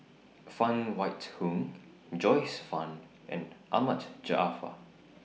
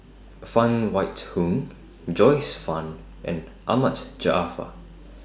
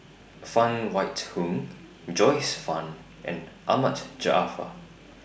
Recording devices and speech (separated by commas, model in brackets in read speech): mobile phone (iPhone 6), standing microphone (AKG C214), boundary microphone (BM630), read sentence